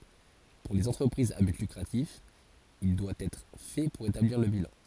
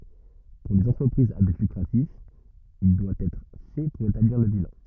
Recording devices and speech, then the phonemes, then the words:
forehead accelerometer, rigid in-ear microphone, read sentence
puʁ lez ɑ̃tʁəpʁizz a byt lykʁatif il dwa ɛtʁ fɛ puʁ etabliʁ lə bilɑ̃
Pour les entreprises à but lucratif, il doit être fait pour établir le bilan.

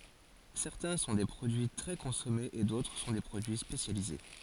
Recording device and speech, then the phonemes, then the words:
forehead accelerometer, read sentence
sɛʁtɛ̃ sɔ̃ de pʁodyi tʁɛ kɔ̃sɔmez e dotʁ sɔ̃ de pʁodyi spesjalize
Certains sont des produits très consommés et d'autres sont des produits spécialisés.

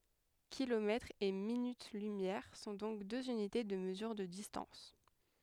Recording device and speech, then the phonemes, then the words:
headset microphone, read sentence
kilomɛtʁz e minyt lymjɛʁ sɔ̃ dɔ̃k døz ynite də məzyʁ də distɑ̃s
Kilomètres et minutes-lumière sont donc deux unités de mesure de distance.

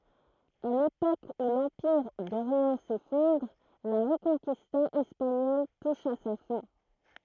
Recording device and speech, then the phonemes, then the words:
throat microphone, read sentence
a lepok u lɑ̃piʁ doʁjɑ̃ sefɔ̃dʁ la ʁəkɔ̃kista ɛspaɲɔl tuʃ a sa fɛ̃
À l'époque où l'Empire d'Orient s'effondre, la Reconquista espagnole touche à sa fin.

